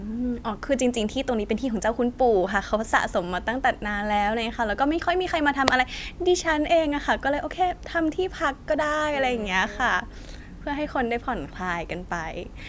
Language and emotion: Thai, happy